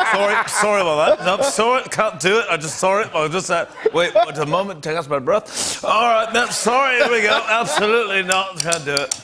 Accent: British accent